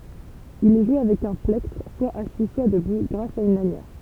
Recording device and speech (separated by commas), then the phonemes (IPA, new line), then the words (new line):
temple vibration pickup, read sentence
il ɛ ʒwe avɛk œ̃ plɛktʁ swa asi swa dəbu ɡʁas a yn lanjɛʁ
Il est joué avec un plectre, soit assis, soit debout, grâce à une lanière.